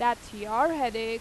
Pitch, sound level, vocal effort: 230 Hz, 91 dB SPL, loud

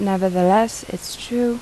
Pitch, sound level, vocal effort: 220 Hz, 81 dB SPL, soft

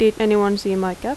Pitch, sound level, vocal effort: 205 Hz, 84 dB SPL, normal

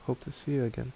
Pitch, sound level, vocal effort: 125 Hz, 72 dB SPL, soft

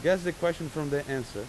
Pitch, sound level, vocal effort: 155 Hz, 91 dB SPL, loud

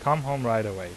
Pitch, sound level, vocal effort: 115 Hz, 87 dB SPL, normal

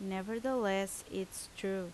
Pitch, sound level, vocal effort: 195 Hz, 81 dB SPL, loud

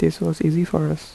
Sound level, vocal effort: 76 dB SPL, soft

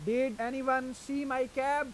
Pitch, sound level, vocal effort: 260 Hz, 95 dB SPL, loud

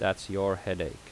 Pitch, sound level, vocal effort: 95 Hz, 83 dB SPL, normal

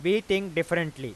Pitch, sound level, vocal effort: 170 Hz, 97 dB SPL, very loud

